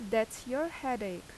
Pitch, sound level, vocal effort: 235 Hz, 84 dB SPL, loud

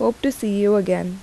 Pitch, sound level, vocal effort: 205 Hz, 81 dB SPL, normal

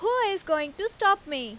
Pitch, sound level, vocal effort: 395 Hz, 94 dB SPL, very loud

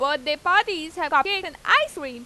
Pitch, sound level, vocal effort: 310 Hz, 97 dB SPL, loud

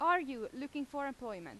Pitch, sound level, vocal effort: 280 Hz, 93 dB SPL, very loud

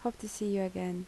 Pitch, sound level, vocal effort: 200 Hz, 73 dB SPL, soft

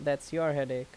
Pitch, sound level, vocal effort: 145 Hz, 85 dB SPL, loud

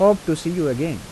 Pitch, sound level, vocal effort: 165 Hz, 87 dB SPL, normal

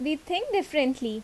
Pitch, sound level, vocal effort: 295 Hz, 82 dB SPL, loud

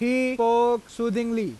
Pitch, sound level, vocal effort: 235 Hz, 95 dB SPL, loud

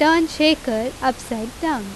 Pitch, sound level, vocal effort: 260 Hz, 87 dB SPL, loud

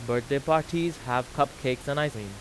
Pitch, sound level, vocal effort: 140 Hz, 91 dB SPL, loud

